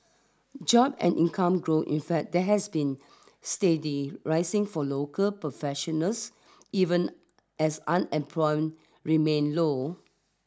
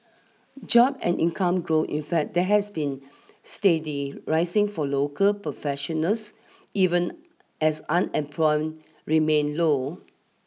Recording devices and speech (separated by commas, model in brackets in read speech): standing microphone (AKG C214), mobile phone (iPhone 6), read sentence